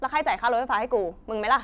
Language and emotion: Thai, angry